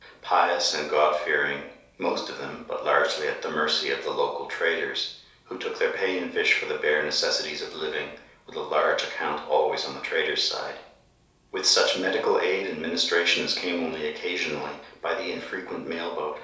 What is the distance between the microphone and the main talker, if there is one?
3.0 m.